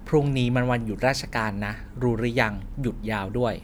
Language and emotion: Thai, neutral